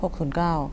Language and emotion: Thai, neutral